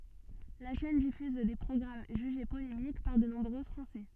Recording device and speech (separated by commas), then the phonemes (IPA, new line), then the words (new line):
soft in-ear microphone, read sentence
la ʃɛn difyz de pʁɔɡʁam ʒyʒe polemik paʁ də nɔ̃bʁø fʁɑ̃sɛ
La chaîne diffuse des programmes jugés polémiques par de nombreux Français.